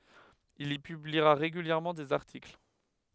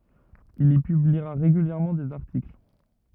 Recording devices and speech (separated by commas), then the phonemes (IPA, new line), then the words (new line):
headset microphone, rigid in-ear microphone, read sentence
il i pybliʁa ʁeɡyljɛʁmɑ̃ dez aʁtikl
Il y publiera régulièrement des articles.